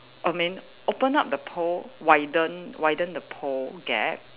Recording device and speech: telephone, conversation in separate rooms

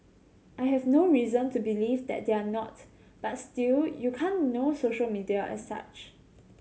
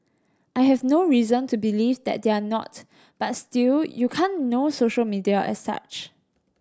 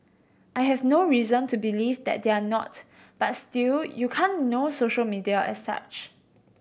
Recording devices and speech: mobile phone (Samsung C7100), standing microphone (AKG C214), boundary microphone (BM630), read sentence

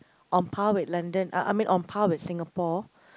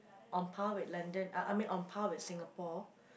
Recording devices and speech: close-talking microphone, boundary microphone, conversation in the same room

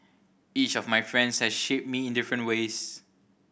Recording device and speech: boundary microphone (BM630), read sentence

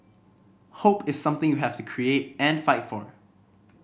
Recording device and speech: boundary microphone (BM630), read sentence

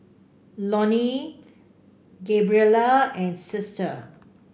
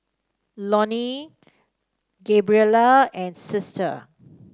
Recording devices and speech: boundary microphone (BM630), standing microphone (AKG C214), read sentence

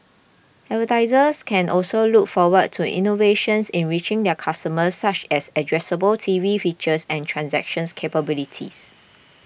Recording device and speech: boundary microphone (BM630), read sentence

